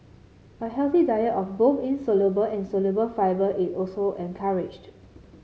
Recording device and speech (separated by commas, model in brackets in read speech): mobile phone (Samsung C7), read sentence